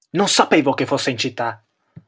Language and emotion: Italian, angry